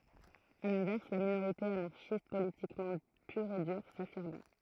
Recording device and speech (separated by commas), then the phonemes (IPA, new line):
throat microphone, read sentence
a lɛ̃vɛʁs la minoʁite anaʁʃist politikmɑ̃ pyʁ e dyʁ safiʁmɛ